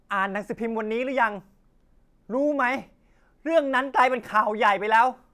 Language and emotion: Thai, angry